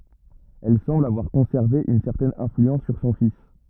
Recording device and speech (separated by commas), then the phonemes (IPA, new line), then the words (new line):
rigid in-ear microphone, read sentence
ɛl sɑ̃bl avwaʁ kɔ̃sɛʁve yn sɛʁtɛn ɛ̃flyɑ̃s syʁ sɔ̃ fis
Elle semble avoir conservé une certaine influence sur son fils.